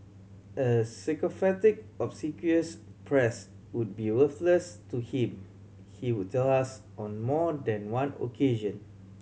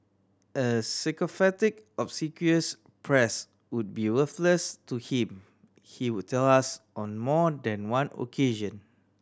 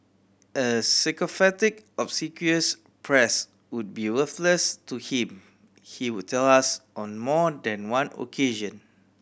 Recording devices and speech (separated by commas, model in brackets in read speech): mobile phone (Samsung C7100), standing microphone (AKG C214), boundary microphone (BM630), read sentence